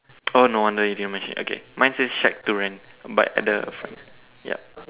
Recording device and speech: telephone, conversation in separate rooms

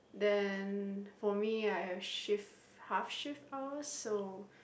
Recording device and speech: boundary microphone, conversation in the same room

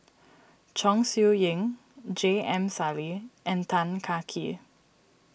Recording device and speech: boundary microphone (BM630), read sentence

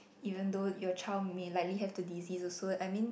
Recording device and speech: boundary microphone, conversation in the same room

